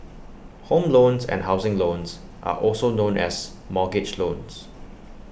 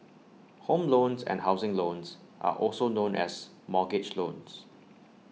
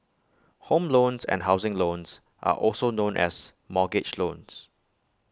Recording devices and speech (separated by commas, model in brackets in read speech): boundary microphone (BM630), mobile phone (iPhone 6), close-talking microphone (WH20), read sentence